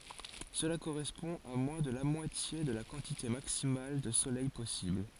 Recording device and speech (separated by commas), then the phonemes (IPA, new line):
forehead accelerometer, read sentence
səla koʁɛspɔ̃ a mwɛ̃ də la mwatje də la kɑ̃tite maksimal də solɛj pɔsibl